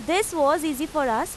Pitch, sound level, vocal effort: 310 Hz, 91 dB SPL, loud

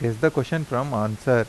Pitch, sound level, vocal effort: 125 Hz, 85 dB SPL, normal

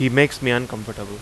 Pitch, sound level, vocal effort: 120 Hz, 88 dB SPL, loud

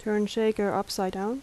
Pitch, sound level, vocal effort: 210 Hz, 80 dB SPL, soft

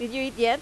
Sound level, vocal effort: 89 dB SPL, loud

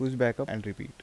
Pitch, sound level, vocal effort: 120 Hz, 82 dB SPL, soft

